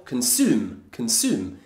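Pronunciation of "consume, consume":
'Consume' is said the American English way, with just an oo sound and no y sound in front of it.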